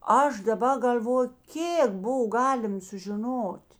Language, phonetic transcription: Lithuanian, ˈaš daˈba gal'ˈvoju ˈkėk ˈbov ˈgalim sužiˈnot'

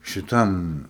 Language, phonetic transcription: Lithuanian, šiˈtam

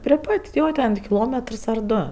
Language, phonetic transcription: Lithuanian, pri ˈpat' ˈjo ten tik kiˈlometrs ar ˈdo

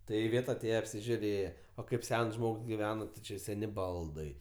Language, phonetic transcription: Lithuanian, ˈtai iˈvėt aˈtėje apsižiuˈrėje o ˈkaip ˈsens ˈžmogs giˈveno ti ˈči ˈseni ˈbaldai

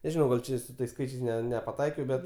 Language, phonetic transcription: Lithuanian, neˈžinau gal ˈčia i su ˈtais ˈskaičiais nepaˈtaikiau ˈbet

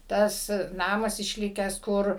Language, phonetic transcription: Lithuanian, tas ˈnamas išˈlikęs ˈkur

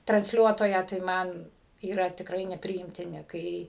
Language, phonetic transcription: Lithuanian, transˈliuotoją tai ˈman yˈra tikˈrai nepriimtiˈni ˈkai

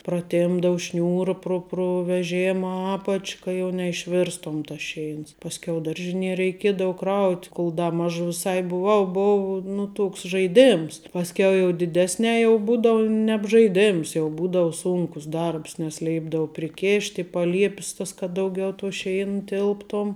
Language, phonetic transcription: Lithuanian, praˈtėmpdau ˈšniūra pru pru veˈžėma ˈapač' ˈka jau neišˈvėrstom tas ˈšeins pasˈkiau ˈdaržiˌnie reiˈkiedavu ˈkraut' ˈkol ˈda ˈmaž viˈsai buˈvau ˈbov nu ˈtuoks žaiˈdėms pasˈkiau jau diˈdesnē jau ˈbūdau nebžaiˈdėms jau ˈbūdavu ˈsūnkus ˈdarbs nes ˈlėipdavu priˈkėšt' i paˈliepis tas kad ˈdauˌgiau tuo ˈšein ˈtilptom

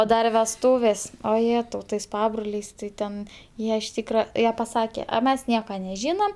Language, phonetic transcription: Lithuanian, o ˈdar vesˈtūvės o jˈėtau tais ˈpabroliais tai ˈten ˈjie iš ˈtykra ˈjie paˈsake a ˈmes ˈnieka neˈžynam

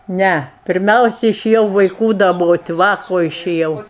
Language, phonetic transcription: Lithuanian, ˈne pirˈmiausi išėˈjau vaiˈkų daˈbot' ˈva ko išėˈjau

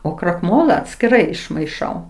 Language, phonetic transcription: Lithuanian, o krakˈmola atskiˈrai išmaiˈšau

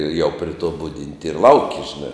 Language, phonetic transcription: Lithuanian, jau pri to ˈbudinti ir ˈlauki žiˈna

